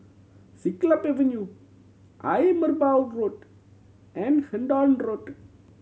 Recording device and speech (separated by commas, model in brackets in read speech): mobile phone (Samsung C7100), read sentence